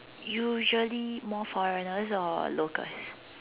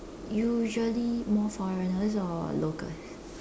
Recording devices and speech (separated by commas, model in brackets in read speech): telephone, standing microphone, conversation in separate rooms